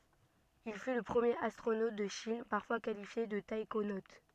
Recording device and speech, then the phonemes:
soft in-ear microphone, read sentence
il fy lə pʁəmjeʁ astʁonot də ʃin paʁfwa kalifje də taikonot

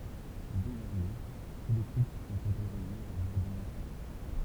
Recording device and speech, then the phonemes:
temple vibration pickup, read sentence
dezɔʁmɛ tu le kupl sɔ̃t otoʁizez a avwaʁ døz ɑ̃fɑ̃

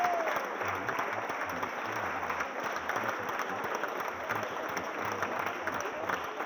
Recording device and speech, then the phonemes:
rigid in-ear microphone, read sentence
ɑ̃ lɛtɔ̃ ɔ̃ deklin le nɔ̃ lez adʒɛktif lez adʒɛktif nymeʁoz e le pʁonɔ̃

